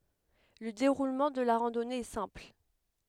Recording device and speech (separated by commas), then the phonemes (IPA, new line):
headset microphone, read sentence
lə deʁulmɑ̃ də la ʁɑ̃dɔne ɛ sɛ̃pl